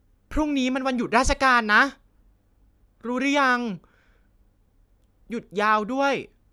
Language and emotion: Thai, frustrated